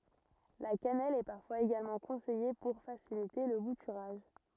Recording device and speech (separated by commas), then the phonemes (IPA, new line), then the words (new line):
rigid in-ear microphone, read sentence
la kanɛl ɛ paʁfwaz eɡalmɑ̃ kɔ̃sɛje puʁ fasilite lə butyʁaʒ
La cannelle est parfois également conseillée pour faciliter le bouturage.